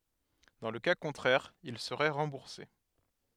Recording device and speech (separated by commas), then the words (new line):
headset microphone, read sentence
Dans le cas contraire, ils seraient remboursés.